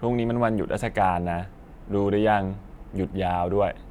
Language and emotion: Thai, neutral